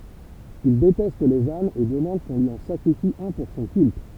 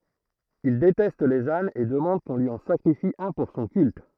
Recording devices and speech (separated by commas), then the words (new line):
temple vibration pickup, throat microphone, read sentence
Il déteste les ânes et demande qu'on lui en sacrifie un pour son culte.